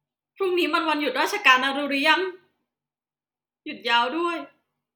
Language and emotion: Thai, sad